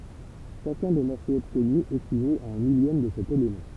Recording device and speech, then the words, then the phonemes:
temple vibration pickup, read sentence
Chacun des morceaux obtenus équivaut à un millième de cet élément.
ʃakœ̃ de mɔʁsoz ɔbtny ekivot a œ̃ miljɛm də sɛt elemɑ̃

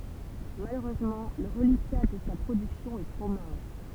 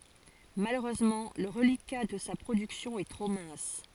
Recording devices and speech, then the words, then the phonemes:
temple vibration pickup, forehead accelerometer, read sentence
Malheureusement, le reliquat de sa production est trop mince.
maløʁøzmɑ̃ lə ʁəlika də sa pʁodyksjɔ̃ ɛ tʁo mɛ̃s

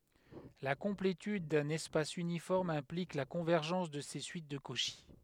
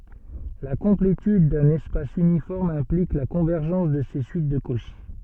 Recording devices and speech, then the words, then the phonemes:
headset microphone, soft in-ear microphone, read sentence
La complétude d'un espace uniforme implique la convergence de ses suites de Cauchy.
la kɔ̃pletyd dœ̃n ɛspas ynifɔʁm ɛ̃plik la kɔ̃vɛʁʒɑ̃s də se syit də koʃi

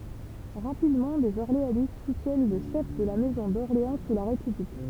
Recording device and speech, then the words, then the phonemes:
temple vibration pickup, read sentence
Rapidement, des orléanistes soutiennent le chef de la maison d’Orléans sous la République.
ʁapidmɑ̃ dez ɔʁleanist sutjɛn lə ʃɛf də la mɛzɔ̃ dɔʁleɑ̃ su la ʁepyblik

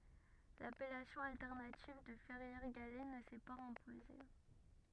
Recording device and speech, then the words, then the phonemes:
rigid in-ear microphone, read sentence
L'appellation alternative de Ferrières-Gallet ne s'est pas imposée.
lapɛlasjɔ̃ altɛʁnativ də fɛʁjɛʁ ɡalɛ nə sɛ paz ɛ̃poze

